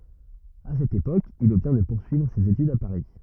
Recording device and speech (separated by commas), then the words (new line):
rigid in-ear microphone, read sentence
À cette époque, il obtient de poursuivre ses études à Paris.